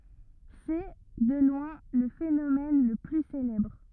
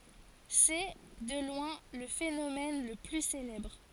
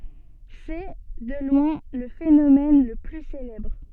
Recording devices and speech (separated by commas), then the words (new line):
rigid in-ear microphone, forehead accelerometer, soft in-ear microphone, read sentence
C'est, de loin, le phénomène le plus célèbre.